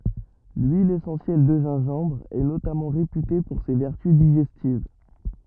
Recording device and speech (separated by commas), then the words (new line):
rigid in-ear microphone, read sentence
L'huile essentielle de gingembre est notamment réputée pour ses vertus digestives.